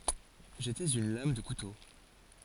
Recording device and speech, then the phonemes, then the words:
forehead accelerometer, read sentence
ʒetɛz yn lam də kuto
J'étais une lame de couteau.

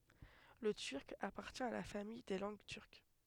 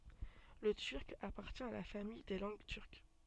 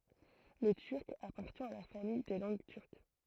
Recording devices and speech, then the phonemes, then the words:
headset microphone, soft in-ear microphone, throat microphone, read sentence
lə tyʁk apaʁtjɛ̃ a la famij de lɑ̃ɡ tyʁk
Le Turc appartient à la famille des langues turques.

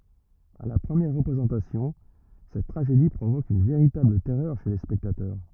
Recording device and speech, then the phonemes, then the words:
rigid in-ear microphone, read sentence
a la pʁəmjɛʁ ʁəpʁezɑ̃tasjɔ̃ sɛt tʁaʒedi pʁovok yn veʁitabl tɛʁœʁ ʃe le spɛktatœʁ
À la première représentation, cette tragédie provoque une véritable terreur chez les spectateurs.

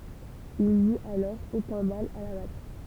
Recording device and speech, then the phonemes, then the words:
temple vibration pickup, read sentence
il nyt alɔʁ okœ̃ mal a la batʁ
Il n'eut alors aucun mal à la battre.

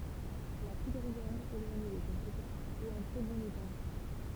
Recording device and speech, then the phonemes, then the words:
temple vibration pickup, read sentence
la pudʁiɛʁ elwaɲe də kɛlkə paz ɛt ɑ̃ tʁɛ bɔ̃n eta
La poudrière, éloignée de quelques pas, est en très bon état.

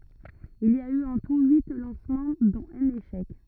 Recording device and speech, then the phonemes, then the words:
rigid in-ear microphone, read sentence
il i a y ɑ̃ tu yi lɑ̃smɑ̃ dɔ̃t œ̃n eʃɛk
Il y a eu en tout huit lancements dont un échec.

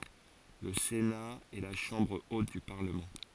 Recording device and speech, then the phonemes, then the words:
forehead accelerometer, read sentence
lə sena ɛ la ʃɑ̃bʁ ot dy paʁləmɑ̃
Le Sénat est la chambre haute du Parlement.

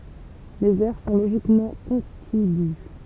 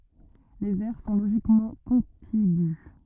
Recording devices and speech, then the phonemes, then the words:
temple vibration pickup, rigid in-ear microphone, read sentence
lez ɛʁ sɔ̃ loʒikmɑ̃ kɔ̃tiɡy
Les aires sont logiquement contigües.

